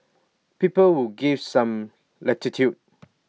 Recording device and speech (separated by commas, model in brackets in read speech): mobile phone (iPhone 6), read sentence